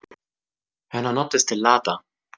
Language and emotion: Italian, surprised